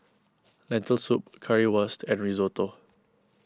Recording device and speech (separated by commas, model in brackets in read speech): close-talking microphone (WH20), read sentence